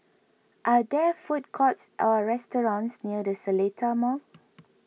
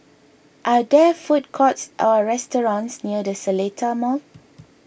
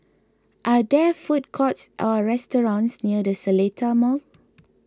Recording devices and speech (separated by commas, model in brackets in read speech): mobile phone (iPhone 6), boundary microphone (BM630), close-talking microphone (WH20), read sentence